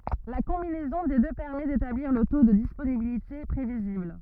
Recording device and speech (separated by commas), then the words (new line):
rigid in-ear microphone, read sentence
La combinaison des deux permet d'établir le taux de disponibilité prévisible.